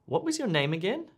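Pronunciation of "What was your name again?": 'What was your name again?' is said with a slightly rising intonation, as a request for repetition.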